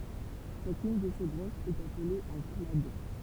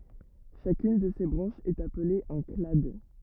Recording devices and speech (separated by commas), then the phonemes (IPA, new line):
temple vibration pickup, rigid in-ear microphone, read sentence
ʃakyn də se bʁɑ̃ʃz ɛt aple œ̃ klad